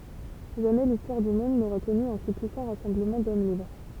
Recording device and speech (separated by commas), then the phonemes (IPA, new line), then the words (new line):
temple vibration pickup, read sentence
ʒamɛ listwaʁ dy mɔ̃d noʁa kɔny œ̃ si pyisɑ̃ ʁasɑ̃bləmɑ̃ dɔm libʁ
Jamais l'histoire du monde n'aura connu un si puissant rassemblement d'hommes libres.